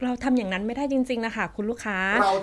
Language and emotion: Thai, frustrated